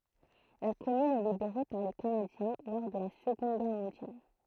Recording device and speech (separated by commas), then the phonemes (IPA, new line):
throat microphone, read sentence
la kɔmyn ɛ libeʁe paʁ le kanadjɛ̃ lɔʁ də la səɡɔ̃d ɡɛʁ mɔ̃djal